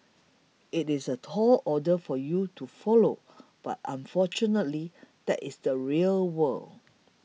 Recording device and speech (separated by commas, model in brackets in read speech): mobile phone (iPhone 6), read sentence